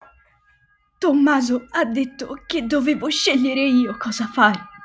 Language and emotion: Italian, sad